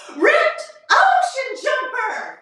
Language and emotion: English, happy